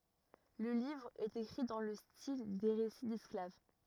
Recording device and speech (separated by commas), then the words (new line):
rigid in-ear microphone, read sentence
Le livre est écrit dans le style des récits d'esclave.